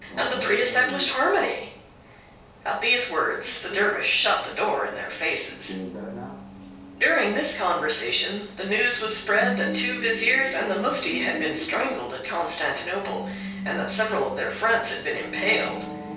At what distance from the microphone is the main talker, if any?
3.0 m.